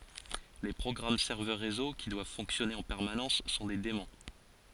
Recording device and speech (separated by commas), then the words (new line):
forehead accelerometer, read sentence
Les programmes serveurs réseau, qui doivent fonctionner en permanence, sont des daemons.